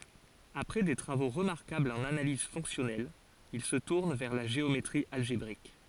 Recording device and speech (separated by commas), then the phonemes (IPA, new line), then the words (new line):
forehead accelerometer, read sentence
apʁɛ de tʁavo ʁəmaʁkablz ɑ̃n analiz fɔ̃ksjɔnɛl il sə tuʁn vɛʁ la ʒeometʁi alʒebʁik
Après des travaux remarquables en analyse fonctionnelle, il se tourne vers la géométrie algébrique.